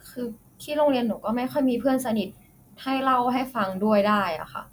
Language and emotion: Thai, sad